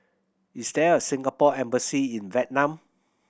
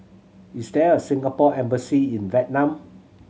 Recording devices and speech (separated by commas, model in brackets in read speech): boundary microphone (BM630), mobile phone (Samsung C7100), read sentence